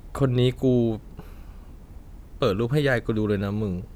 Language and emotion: Thai, frustrated